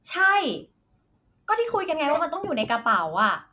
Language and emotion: Thai, frustrated